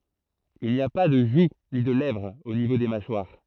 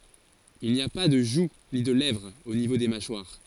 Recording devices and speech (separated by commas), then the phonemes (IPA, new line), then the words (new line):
throat microphone, forehead accelerometer, read sentence
il ni a pa də ʒu ni də lɛvʁ o nivo de maʃwaʁ
Il n'y a pas de joue ni de lèvre au niveau des mâchoires.